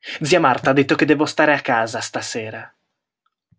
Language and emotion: Italian, angry